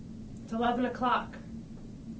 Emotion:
neutral